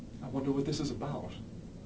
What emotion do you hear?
fearful